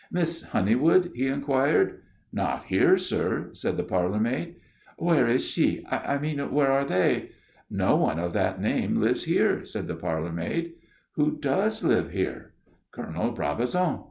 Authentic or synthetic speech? authentic